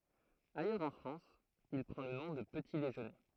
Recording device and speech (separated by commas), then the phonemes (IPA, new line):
throat microphone, read sentence
ajœʁz ɑ̃ fʁɑ̃s il pʁɑ̃ lə nɔ̃ də pəti deʒøne